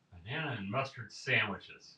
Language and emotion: English, disgusted